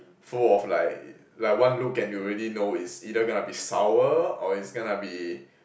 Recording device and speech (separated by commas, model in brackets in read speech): boundary microphone, conversation in the same room